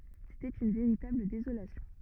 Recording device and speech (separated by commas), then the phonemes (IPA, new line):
rigid in-ear microphone, read sentence
setɛt yn veʁitabl dezolasjɔ̃